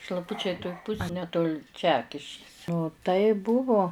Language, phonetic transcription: Lithuanian, šlaˈpučiai toj ˈpus a neˈtoli ˈčekiškis tai ˈbuvo

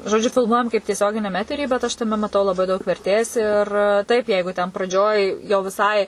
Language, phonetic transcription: Lithuanian, žoˈdžiu filˈmuojam kaip tieˈsioginiam ˈetery bet ˈaš taˈme maˈtau laˈbai daug verˈtės ir ˈtaip ˈjeigu ten praˈdžioj jau viˈsai

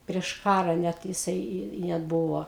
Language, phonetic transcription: Lithuanian, prieš ˈkara net jiˈsai i i ˈnetˈ buvo

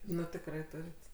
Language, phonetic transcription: Lithuanian, ˈnu tikˈrai ˈturit

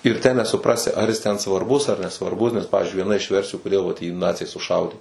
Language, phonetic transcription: Lithuanian, ir tę nesuˈprasi ˈar jis ten svarˈbus ar nesvarˈbus nes ˈpavizdžiui vieˈna iš ˈversiju koˈdėl vat jį ˈnaciai suˈšaudė

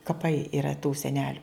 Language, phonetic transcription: Lithuanian, kaˈpai iˈra tų seˈneliu

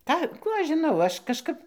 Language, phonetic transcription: Lithuanian, ˈką ˈkų ˈaš žiˈnau ˈaš kažˈkap

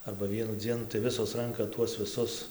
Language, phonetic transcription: Lithuanian, arba ˈvienu ˈdzienu tai ˈvisos ˈranka tuos viˈsus

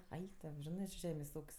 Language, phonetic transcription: Lithuanian, ˈaik to ˈžinɜ či ˈžemės' ˈūk's'

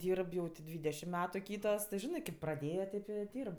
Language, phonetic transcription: Lithuanian, ˈdyrb jau ti ˈdvydešim ˈmetu ˈkytos ti ˈžinɜ kėp praˈdėja ˈtėp i ˈdyrb

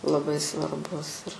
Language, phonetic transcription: Lithuanian, laˈbai svarˈbus ir

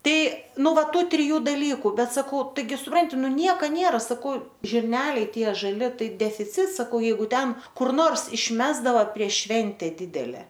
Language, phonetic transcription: Lithuanian, ˈtai ˈnu ˈva ˈtų triˈjų daˈlyku ˈbet saˈkau taiˈgi suˈpranti nu ˈnieka ˈniera saˈkau žirˈneliai ˈtie žaˈli ˈtai defiˈcits saˈkau jeiˈgu ˈten kur ˈnors išˈmesdava prieš ˈšvente ˈdidele

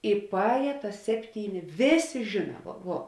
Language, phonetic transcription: Lithuanian, i paˈēja tas ˈsepˌtyˌni ˈvėˌsė ˈžina ˈvuo

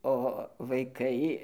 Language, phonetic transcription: Lithuanian, o vaiˈkai

